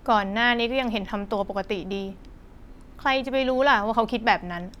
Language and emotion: Thai, neutral